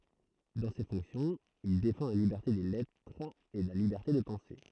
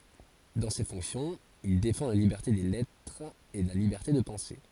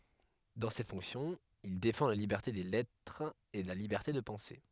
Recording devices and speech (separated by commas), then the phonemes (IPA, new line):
throat microphone, forehead accelerometer, headset microphone, read sentence
dɑ̃ se fɔ̃ksjɔ̃z il defɑ̃ la libɛʁte de lɛtʁz e la libɛʁte də pɑ̃se